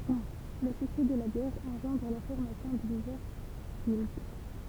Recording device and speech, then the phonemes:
temple vibration pickup, read sentence
lə syksɛ də la bjɛʁ ɑ̃ʒɑ̃dʁ la fɔʁmasjɔ̃ də divɛʁs ɡild

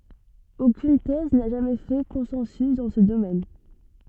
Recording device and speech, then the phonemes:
soft in-ear microphone, read sentence
okyn tɛz na ʒamɛ fɛ kɔ̃sɑ̃sy dɑ̃ sə domɛn

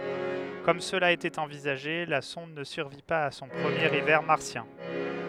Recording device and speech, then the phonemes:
headset microphone, read sentence
kɔm səla etɛt ɑ̃vizaʒe la sɔ̃d nə syʁvi paz a sɔ̃ pʁəmjeʁ ivɛʁ maʁsjɛ̃

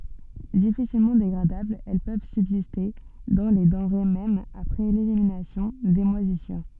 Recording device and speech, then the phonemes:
soft in-ear microphone, read sentence
difisilmɑ̃ deɡʁadablz ɛl pøv sybziste dɑ̃ le dɑ̃ʁe mɛm apʁɛ leliminasjɔ̃ de mwazisyʁ

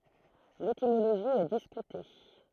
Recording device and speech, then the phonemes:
throat microphone, read sentence
letimoloʒi ɛ diskyte

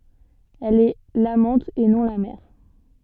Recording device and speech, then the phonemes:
soft in-ear microphone, read sentence
ɛl ɛ lamɑ̃t e nɔ̃ la mɛʁ

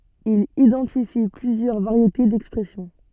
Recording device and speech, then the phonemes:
soft in-ear microphone, read sentence
il idɑ̃tifi plyzjœʁ vaʁjete dɛkspʁɛsjɔ̃

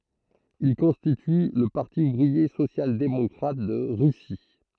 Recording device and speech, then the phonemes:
throat microphone, read sentence
il kɔ̃stity lə paʁti uvʁie sosjaldemɔkʁat də ʁysi

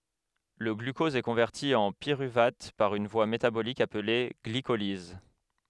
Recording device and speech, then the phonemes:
headset microphone, read sentence
lə ɡlykɔz ɛ kɔ̃vɛʁti ɑ̃ piʁyvat paʁ yn vwa metabolik aple ɡlikoliz

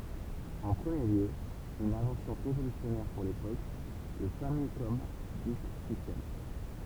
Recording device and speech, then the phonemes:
temple vibration pickup, read sentence
ɑ̃ pʁəmje ljø yn ɛ̃vɑ̃sjɔ̃ ʁevolysjɔnɛʁ puʁ lepok lə famikɔm disk sistɛm

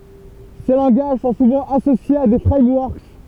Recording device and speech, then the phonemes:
temple vibration pickup, read sentence
se lɑ̃ɡaʒ sɔ̃ suvɑ̃ asosjez a de fʁɛmwɔʁk

